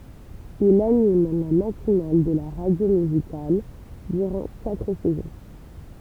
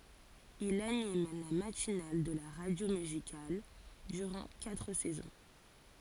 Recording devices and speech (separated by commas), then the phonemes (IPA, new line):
temple vibration pickup, forehead accelerometer, read sentence
il anim la matinal də la ʁadjo myzikal dyʁɑ̃ katʁ sɛzɔ̃